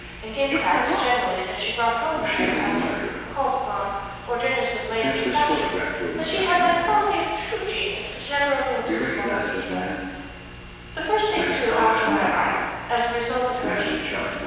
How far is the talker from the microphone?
7.1 m.